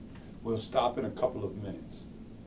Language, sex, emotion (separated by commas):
English, male, neutral